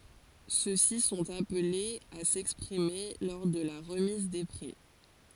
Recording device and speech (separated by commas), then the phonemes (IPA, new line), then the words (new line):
forehead accelerometer, read sentence
sø si sɔ̃t aplez a sɛkspʁime lɔʁ də la ʁəmiz de pʁi
Ceux-ci sont appelés à s'exprimer lors de la remise des prix.